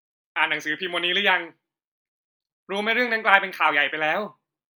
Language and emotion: Thai, frustrated